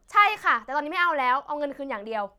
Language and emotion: Thai, angry